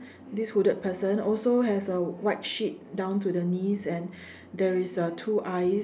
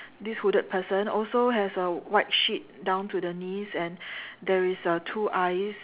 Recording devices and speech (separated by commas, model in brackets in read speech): standing microphone, telephone, conversation in separate rooms